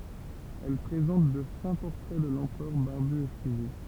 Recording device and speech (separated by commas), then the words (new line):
temple vibration pickup, read sentence
Elles présentent de fins portraits de l'empereur barbu et frisé.